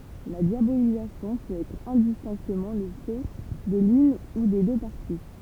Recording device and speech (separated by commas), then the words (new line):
temple vibration pickup, read sentence
La diabolisation peut être indistinctement le fait de l’une ou des deux parties.